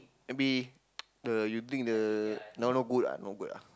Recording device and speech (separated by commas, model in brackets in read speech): close-talking microphone, conversation in the same room